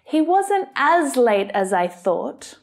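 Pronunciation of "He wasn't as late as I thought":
The word 'as' is stressed in this sentence.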